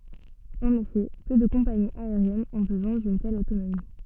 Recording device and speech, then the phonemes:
soft in-ear microphone, read sentence
ɑ̃n efɛ pø də kɔ̃paniz aeʁjɛnz ɔ̃ bəzwɛ̃ dyn tɛl otonomi

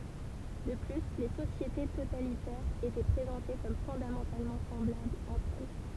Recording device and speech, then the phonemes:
temple vibration pickup, read sentence
də ply le sosjete totalitɛʁz etɛ pʁezɑ̃te kɔm fɔ̃damɑ̃talmɑ̃ sɑ̃blablz ɑ̃tʁ ɛl

